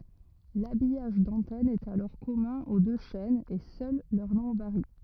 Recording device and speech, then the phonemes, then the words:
rigid in-ear microphone, read sentence
labijaʒ dɑ̃tɛn ɛt alɔʁ kɔmœ̃ o dø ʃɛnz e sœl lœʁ nɔ̃ vaʁi
L'habillage d'antenne est alors commun aux deux chaînes et seul leur nom varie.

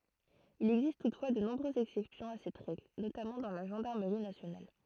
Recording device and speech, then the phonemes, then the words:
throat microphone, read sentence
il ɛɡzist tutfwa də nɔ̃bʁøzz ɛksɛpsjɔ̃ a sɛt ʁɛɡl notamɑ̃ dɑ̃ la ʒɑ̃daʁməʁi nasjonal
Il existe toutefois de nombreuses exception à cette règle, notamment dans la Gendarmerie nationale.

